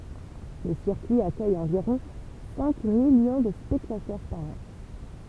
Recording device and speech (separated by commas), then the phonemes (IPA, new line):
temple vibration pickup, read sentence
lə siʁkyi akœj ɑ̃viʁɔ̃ sɛ̃ miljɔ̃ də spɛktatœʁ paʁ ɑ̃